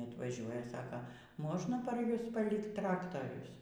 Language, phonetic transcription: Lithuanian, atvaˈžiuoja ˈsaka ˈmožna par ˈjus paˈlikt ˈtraktarius

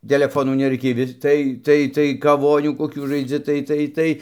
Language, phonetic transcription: Lithuanian, teleˈfonų neˈraikėj vis ˈtai ˈtai tai kaˈvonių koˈkių žaiˈdzi ˈtai ˈtai ˈtai

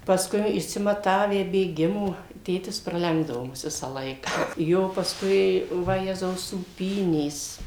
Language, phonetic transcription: Lithuanian, pasˈkui išsimaˈtavę bėˈgimo ˈtėtis praˈlenkdavo ˈmus ˈvisą ˈlaika ˈjo pasˈkui vaˈjezau sūˈpynės

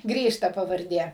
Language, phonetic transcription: Lithuanian, ˈgrįš ta pavarˈdė

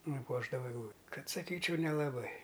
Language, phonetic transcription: Lithuanian, nuˈpuošdava egˈlū ˈkad saˈkyčiau nelaˈbai

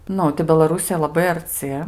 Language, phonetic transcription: Lithuanian, ˈnu tai belaˈrusija laˈbai arˈci

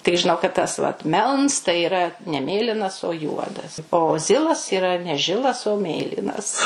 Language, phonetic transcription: Lithuanian, tik žiˈnau kad ˈtas vat ˈmelns tai yˈra ne ˈmėlinas o ˈjuodas o ˈzilas yˈra ne ˈžilas o ˈmėlynas

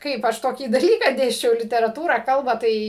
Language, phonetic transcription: Lithuanian, ˈkaip aš ˈtokį daˈlyką ˈdėsčiau literaˈtūrą ˈkalbą ˈtai

